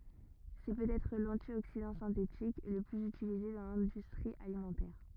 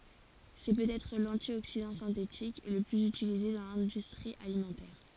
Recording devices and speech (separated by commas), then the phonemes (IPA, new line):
rigid in-ear microphone, forehead accelerometer, read sentence
sɛ pøtɛtʁ lɑ̃tjoksidɑ̃ sɛ̃tetik lə plyz ytilize dɑ̃ lɛ̃dystʁi alimɑ̃tɛʁ